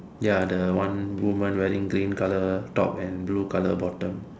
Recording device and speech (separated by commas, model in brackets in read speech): standing microphone, conversation in separate rooms